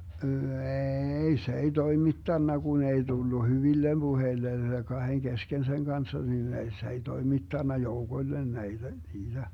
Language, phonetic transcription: Finnish, 'eeei 'se ei "toimittanna Gun ‿ei 'Dullu "hyvillem 'Buheillen , 'kaheŋ 'kesken seŋ 'Ganssa nin ei s ‿ei 'toimittanna "joukoⁱllen 'näiDä , 'niiDä .
- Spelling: ei se ei toimittanut kun ei tullut hyville puheille kahden kesken sen kanssa niin ei se ei toimittanut joukoille näitä niitä

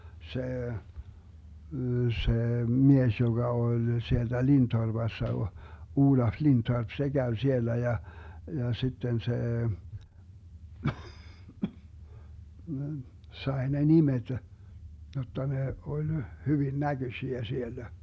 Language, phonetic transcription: Finnish, 'see , see "mies joGa 'oĺ 'sielDä 'LintorBassa o- , 'Uulaf 'Lintorp , 'se 'Gäy siellä ja , ja 'sitten 'see , 'sae ne "nimeD , jotta 'ne 'oĺ 'hyvin "näGösiä 'siellä .
- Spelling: se se mies joka oli sieltä Lindtorpassa - Olaf Lindtorp se kävi siellä ja ja sitten se sai ne nimet jotta ne oli hyvin näköisiä siellä

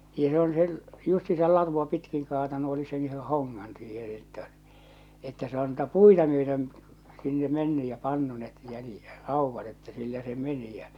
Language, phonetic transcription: Finnish, ja s ‿on se , justi̳sal 'latuʷ a 'pitkiŋ kaatanu oli sen yhe 'hoŋŋan siihen̬ että , että se on tuota "puita myötöm̳ , sinne 'menny ja 'pannu net jälⁱˉ , 'rauvvat että 'sillä se "meni jä .
- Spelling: ja se on se justiinsa latua - pitkin kaatanut oli sen yhden hongan siihen että että se on tuota puita myöten sinne mennyt ja pannut ne - raudat että sillä se meni ja

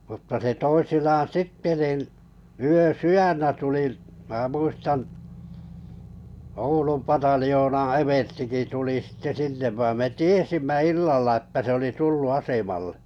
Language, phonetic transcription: Finnish, mutta se 'toisinaan "sitte nin , 'yö"syjännä 'tuli , mä 'muistan , 'Oulum 'pataljoonaa̰ 'everstiki 'tuli sitte "sinne vaim me "tiesimmä 'illalla ᵉtttä se oli "tullu 'asemallᴇ .
- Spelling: mutta se toisinaan sitten niin yösydännä tuli minä muistan Oulun pataljoonan everstikin tuli sitten sinne vaan me tiesimme illalla että se oli tullut asemalle

